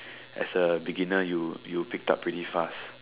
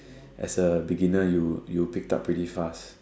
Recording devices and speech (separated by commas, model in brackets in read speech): telephone, standing microphone, conversation in separate rooms